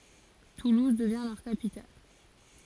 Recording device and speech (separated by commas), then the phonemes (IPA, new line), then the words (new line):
forehead accelerometer, read sentence
tuluz dəvjɛ̃ lœʁ kapital
Toulouse devient leur capitale.